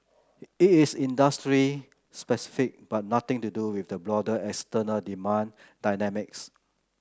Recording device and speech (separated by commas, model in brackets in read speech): close-talking microphone (WH30), read sentence